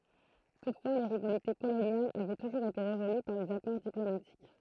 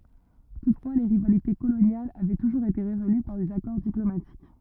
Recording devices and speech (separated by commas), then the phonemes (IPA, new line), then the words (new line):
throat microphone, rigid in-ear microphone, read sentence
tutfwa le ʁivalite kolonjalz avɛ tuʒuʁz ete ʁezoly paʁ dez akɔʁ diplomatik
Toutefois, les rivalités coloniales avaient toujours été résolues par des accords diplomatiques.